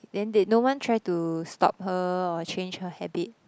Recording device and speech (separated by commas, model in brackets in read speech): close-talking microphone, conversation in the same room